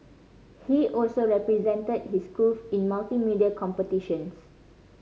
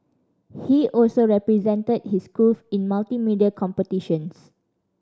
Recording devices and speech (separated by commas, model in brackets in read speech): mobile phone (Samsung C5010), standing microphone (AKG C214), read sentence